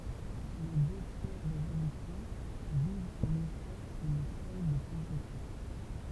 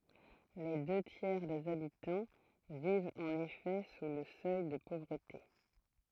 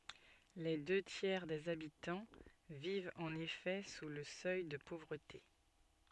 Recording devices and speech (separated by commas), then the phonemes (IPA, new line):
temple vibration pickup, throat microphone, soft in-ear microphone, read sentence
le dø tjɛʁ dez abitɑ̃ vivt ɑ̃n efɛ su lə sœj də povʁəte